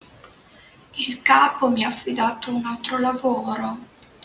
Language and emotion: Italian, sad